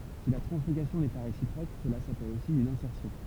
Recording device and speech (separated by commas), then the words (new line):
temple vibration pickup, read sentence
Si la translocation n'est pas réciproque, cela s'appelle aussi une insertion.